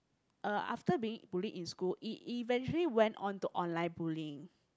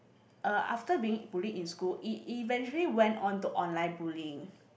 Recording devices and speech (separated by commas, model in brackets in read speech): close-talking microphone, boundary microphone, conversation in the same room